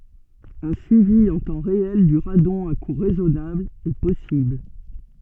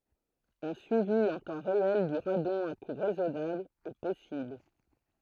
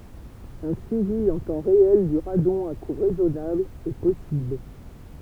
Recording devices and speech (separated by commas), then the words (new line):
soft in-ear microphone, throat microphone, temple vibration pickup, read sentence
Un suivi en temps réel du radon à coût raisonnable est possible.